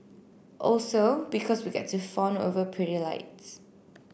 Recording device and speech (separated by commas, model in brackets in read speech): boundary microphone (BM630), read sentence